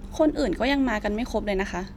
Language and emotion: Thai, frustrated